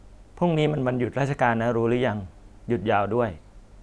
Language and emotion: Thai, neutral